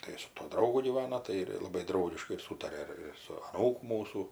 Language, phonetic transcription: Lithuanian, ˈtai su tuo ˈdraugu gyˈvana ˈtai ir ˈlabai ˈdraugiškai ir ˈsūtaria ir ir su aˈnūku ˈmūsų

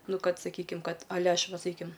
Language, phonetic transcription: Lithuanian, ˈnu ˈkad saˈkykim ˈkad aˈle ˈaš ˈva saˈkyim

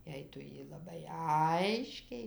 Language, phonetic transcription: Lithuanian, ˈjei ˈtu ˈjį laˈbai ˈaiškiai

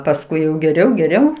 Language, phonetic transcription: Lithuanian, pasˈkui jau geˈriau geˈriau

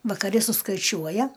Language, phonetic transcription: Lithuanian, vakaˈri suskaiˈčiuoja

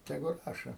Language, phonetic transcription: Lithuanian, teˈgu ˈrašo

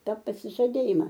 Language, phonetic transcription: Lithuanian, ˈta pasižaˈdėjima

